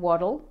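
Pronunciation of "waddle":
The word is said with the American and Australian pronunciation, not the British one.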